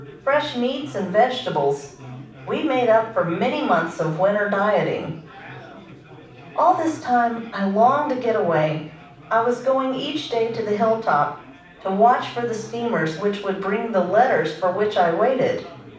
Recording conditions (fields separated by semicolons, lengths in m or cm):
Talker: one person; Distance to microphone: 5.8 m; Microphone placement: far; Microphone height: 1.8 m; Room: medium-sized (5.7 m by 4.0 m); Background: babble